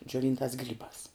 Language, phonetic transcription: Lithuanian, džioˈvyntās ˈgrybās

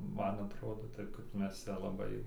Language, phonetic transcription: Lithuanian, ˈman atˈrodo ˈtaip kaip ˈmes ˈcia laˈbai

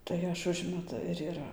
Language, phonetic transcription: Lithuanian, tai ˈaš ˈužmetu ir iˈra

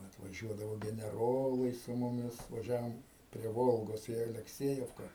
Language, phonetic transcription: Lithuanian, atvaˈžiuodavo geneˈrolai su muˈmis vaˈžiavom prie ˈvolgos į alekˈsiejevka

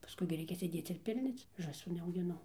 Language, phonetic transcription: Lithuanian, paˈskui gi ˈreikia sėˈdėc ir ˈpilnioc žąˈsų neaugiˈnau

